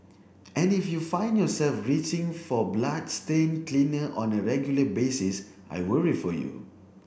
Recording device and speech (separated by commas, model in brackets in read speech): boundary microphone (BM630), read sentence